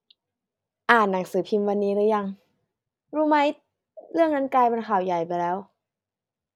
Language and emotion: Thai, neutral